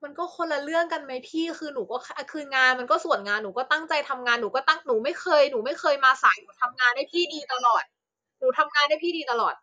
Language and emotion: Thai, angry